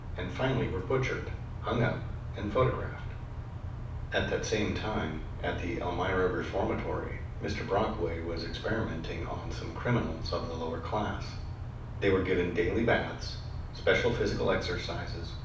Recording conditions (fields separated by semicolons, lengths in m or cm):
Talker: one person; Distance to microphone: 5.8 m; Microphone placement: far; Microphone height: 1.8 m; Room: medium-sized (5.7 m by 4.0 m); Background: none